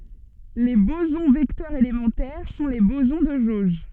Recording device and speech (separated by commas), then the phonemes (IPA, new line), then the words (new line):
soft in-ear microphone, read sentence
le bozɔ̃ vɛktœʁz elemɑ̃tɛʁ sɔ̃ le bozɔ̃ də ʒoʒ
Les bosons vecteurs élémentaires sont les bosons de jauge.